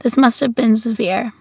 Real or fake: real